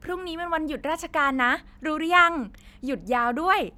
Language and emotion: Thai, happy